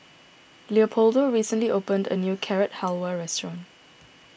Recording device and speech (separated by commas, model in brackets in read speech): boundary microphone (BM630), read sentence